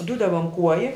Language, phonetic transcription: Lithuanian, ˈdudava an ˈkuoji

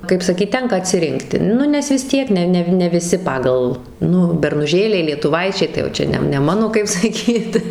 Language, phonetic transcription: Lithuanian, kaip ˈsakyt ˈtenka atsiˈrinkti ˈnu nes vis ˈtiek ˈne ˈnev ne viˈsi ˈpagal ˈnu bernuˈžėliai lietuˈvaičiai tai jau ˈčia ne ne ˈmano kaip saˈkyt

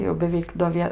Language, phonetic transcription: Lithuanian, tai jau beˈveik do ˈvie

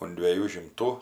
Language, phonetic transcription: Lithuanian, un dvieˈjų šimˈtų

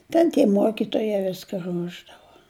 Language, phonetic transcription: Lithuanian, ˈten tie ˈmuokituoja ˈviska ˈruošdava

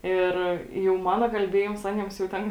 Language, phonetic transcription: Lithuanian, ˈir jau ˈmana kalˈbėjims ˈaniems jau ˈten

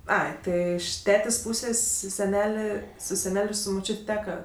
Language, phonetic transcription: Lithuanian, ˈai ˈtɜ iš ˈtetės' ˈpusės' seˈnelė su seˈnel' ˈir su muˈčiut' ˈteka

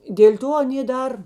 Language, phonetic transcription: Lithuanian, dėl' ˈto aˈnė ˈdar

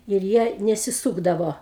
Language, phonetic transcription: Lithuanian, ir ˈjie nesiˈsūkdavo

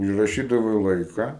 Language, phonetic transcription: Lithuanian, užraˈšydavai ˈlaika

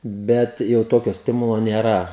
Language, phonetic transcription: Lithuanian, ˈbet jau ˈtokio ˈstimulo nėˈra

